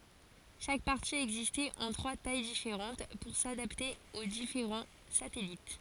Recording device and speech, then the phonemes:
forehead accelerometer, read sentence
ʃak paʁti ɛɡzistɛt ɑ̃ tʁwa taj difeʁɑ̃t puʁ sadapte o difeʁɑ̃ satɛlit

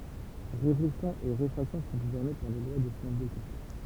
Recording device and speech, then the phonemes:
temple vibration pickup, read sentence
ʁeflɛksjɔ̃ e ʁefʁaksjɔ̃ sɔ̃ ɡuvɛʁne paʁ le lwa də snɛl dɛskaʁt

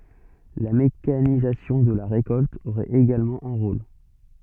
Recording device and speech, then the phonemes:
soft in-ear microphone, read sentence
la mekanizasjɔ̃ də la ʁekɔlt oʁɛt eɡalmɑ̃ œ̃ ʁol

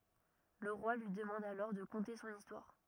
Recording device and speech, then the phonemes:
rigid in-ear microphone, read sentence
lə ʁwa lyi dəmɑ̃d alɔʁ də kɔ̃te sɔ̃n istwaʁ

